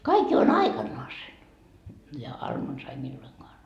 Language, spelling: Finnish, kaikki jo on aikanansa ja armonsa ei milloinkaan
- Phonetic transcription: 'kaik jo on "aikannoasen , ja 'armonsa ei milloiŋkoan .

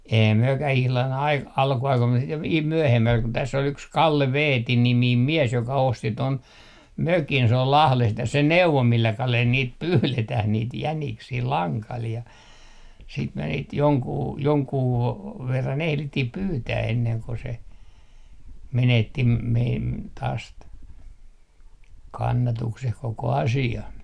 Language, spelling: Finnish, eihän mekään ihan - alkuaikoina mutta sitten - myöhemmällä kun tässä oli yksi Kalle Veeti niminen mies joka osti tuon mökin se oli Lahdesta ja se neuvoi millä kalella niitä pyydetään niitä jäniksiä langalla ja sitten me niitä jonkun jonkun verran ehdittiin pyytää ennen kuin se menetti meidän taas - kannatuksen koko asia
- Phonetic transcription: 'eihäm 'myökäh ihlan aik - 'alkuaikoim mus sit v - 'myöhemmäl kun täss ‿ol yks "Kalle "Veeti 'nimiim "miɛs joka osti ton , mökin s ‿ol 'Lahlest ja se neuvo 'millä 'kalel niit "pyyletäh 'niit 'jäniksii 'laŋkal ja , siit me niit 'joŋkuu , 'joŋkuu , 'verran 'ehlittih "pyytää 'enneŋ ko se , 'menetti meim- , taas t- , 'kannatukseh 'koko asi₍a .

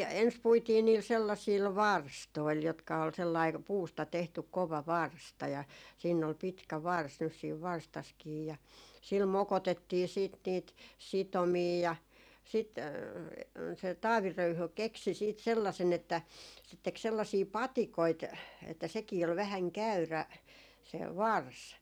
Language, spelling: Finnish, ensin puitiin niillä sellaisilla varstoilla jotka oli sellainen puusta tehty kova varsta ja siinä oli pitkä varsi nyt siinä varstassakin ja sillä mokotettiin sitten niitä sitomia ja sitten se Taavi Röyhy keksi sitten sellaisen että se teki sellaisia patikoita että sekin oli vähän käyrä se varsi
- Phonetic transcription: 'ens 'puitii niil sellasiil "varstoil jotka ol sellai 'puusta 'tehtyk 'kova "varsta ja siinn ‿ol pitkä "vars nys siiv 'varstaskii ja sil "mokotettii siit niit "sitomii ja sit , se "Taavi 'Röyhy 'keksi siit sellasen ‿että , se tek 'sellasii "patikoit , että 'sekii ol 'vähäŋ "käyrä , se "vars .

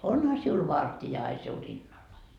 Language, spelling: Finnish, onhan sinulla vartija aina sinun rinnallasi
- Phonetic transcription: "onha siul "vartija ai siu 'rinnallai .

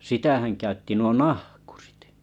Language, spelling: Finnish, sitähän käytti nuo nahkurit
- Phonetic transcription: 'sitähän käytti nuo "nahkᴜʀɪt .

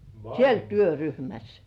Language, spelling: Finnish, siellä työryhmässä
- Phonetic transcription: siel "työryhmäs .

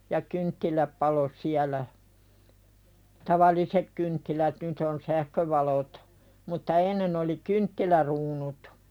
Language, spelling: Finnish, ja kynttilät paloi siellä tavalliset kynttilät nyt on sähkövalot mutta ennen oli kynttiläkruunut
- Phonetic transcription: ja 'kynttiläp palo "siälä , "tavalisek kynttilät nyt ‿on "sähkövalot , mutta 'ennen ‿oli "kynttiläruunut .

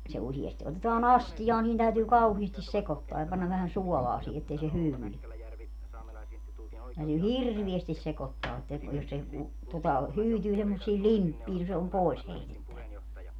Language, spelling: Finnish, no se se useasti otetaan astiaan niin täytyy kauheasti sekoittaa ja panna vähän suolaa siihen että ei se hyydy niin täytyy hirveästi sekoittaa että jos se kun tuota hyytyy semmoisiin limppeihin no se on pois heitettävä
- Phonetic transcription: no 'se , se usiesti otetaa"n ‿astijaa niin täytyy 'kauhiistis 'sekottoa ja panna vähän 'suɔlaa sii ettei se 'hyywy ni , täytyy "hirrviestis 'sekottaa että , jos se ku , tota , 'hyytyy semmos̀ii "limppii no se om "pòis 'heitettävä .

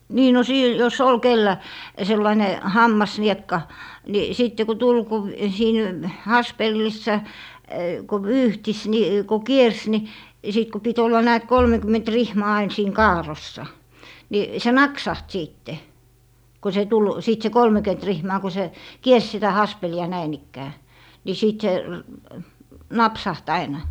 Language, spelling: Finnish, niin no sitten jos oli kenellä sellainen hammasniekka niin sitten kun tuli kun siinä haspelissa kun vyyhtisi niin kun kiersi niin ja sitten kun piti olla näet kolmekymmentä rihmaa aina siinä kaarrossa niin se naksahti sitten kun se tuli sitten se kolmekymmentä rihmaa kun se kiersi sitä haspelia näin ikään sitten sitten se napsahti aina
- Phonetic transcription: 'nii no 'sìt , jo"s ‿ol 'kellä , 'sellaine "hammasniekka , ni 'sìtte ku "tul ku , 'siin , "haspellissa , ku "vyyhtis ni , ko "kiers ni , ja 'sit ku pi't ‿olla 'näät 'kolmekym̀ent "rihmaa ain siiŋ "kaar̀ossa , ni se "naksaht 'siitte , ko se 'tul , 'sìt se "kolmekyet 'rihmaa ku 'se , "kiers sitä 'haspeli₍a 'näin ‿ikkää , si 'sìt se , "napsaht 'aina .

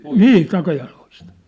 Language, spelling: Finnish, niin takajaloista
- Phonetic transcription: nii , 'takajaloist .

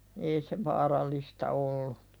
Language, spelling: Finnish, ei se vaarallista ollut
- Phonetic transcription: 'ei se "vaarallista ollu .

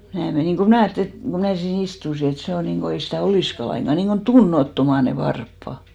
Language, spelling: Finnish, ja minä menin kun minä ajattelin että kun minä siinä istuin että se on niin kuin ei sitä olisikaan lainkaan niin kuin tunnottomat ne varpaat
- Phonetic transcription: ja mää 'menìŋ ko 'mnä̀ ajattᵉli et ko mää sii'n ‿istusi et 'se o niŋko 'ei sitä̀ "olìska laiŋɢa niŋko "tunnot'toma ne 'varppa .

